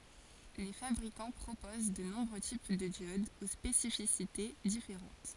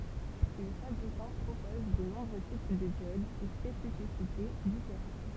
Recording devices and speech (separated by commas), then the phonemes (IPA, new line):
forehead accelerometer, temple vibration pickup, read sentence
le fabʁikɑ̃ pʁopoz də nɔ̃bʁø tip də djodz o spesifisite difeʁɑ̃t